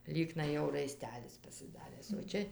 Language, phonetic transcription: Lithuanian, ˈlyknai jau raiˈstelis pasiˈdaręs o ˈčia

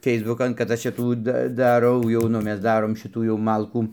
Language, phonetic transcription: Lithuanian, ˈfeisbukan kad ˈaš ˈčia ˈtų ˈda daˈrau jau ˈnu ˈmes ˈdarom ˈšitų jau ˈmalkų

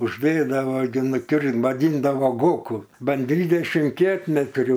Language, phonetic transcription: Lithuanian, užˈdėdavo gi nuˈkir vaˈdyndavo ˈgoku ˈban ˈdvydešim ˈkietmetrių

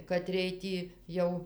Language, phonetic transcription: Lithuanian, kaˈtriej ˈtį ˈjau

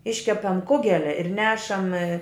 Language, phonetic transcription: Lithuanian, ˈiškepam ˈkugelia ir ˈnešam

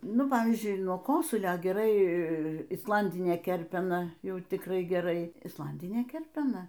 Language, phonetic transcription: Lithuanian, ˈnu ˈpavyzdžiui nuo ˈkosulio geˈrai isˈlandinė ˈkerpena ˈjau tikˈrai geˈrai isˈlandinė ˈkerpena

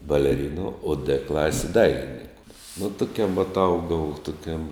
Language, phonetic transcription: Lithuanian, baleˈrinu o dɘ ˈklasi ˈdailininku nu ˈtuˌkiam vat ˈaugau tuˈkiam

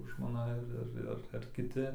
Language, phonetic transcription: Lithuanian, žmoˈna ar ˈar ar ar kiˈti

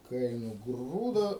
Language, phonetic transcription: Lithuanian, kai nuˈgrūdo

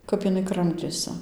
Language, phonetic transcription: Lithuanian, ˈkap iˈnai ˈkramtėsi

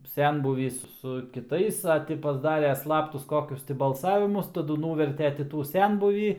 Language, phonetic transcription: Lithuanian, ˈsenbūvys su kiˈtais a ˈti pasˈdarė ˈslaptus ˈkokius ti balˈsavimus taˈdu ˈnūverte ti ˈtų ˈsenbūvį

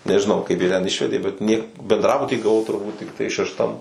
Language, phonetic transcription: Lithuanian, nežiˈnau kaip ˈjie ten ˈišvedė bet nie bendˈrabutį gaˈvau turˈbūt tikˈtai šešˈtam

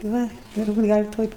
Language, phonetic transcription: Lithuanian, ˈva ˈir būt' ˈgal' ˈtoj

